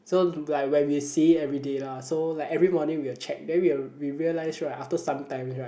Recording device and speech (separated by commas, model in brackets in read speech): boundary microphone, conversation in the same room